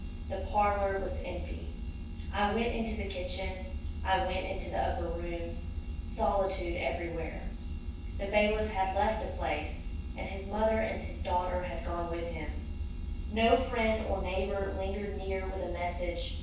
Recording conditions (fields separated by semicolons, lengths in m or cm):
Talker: one person; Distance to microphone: 9.8 m; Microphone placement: far; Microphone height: 1.8 m; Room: large; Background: none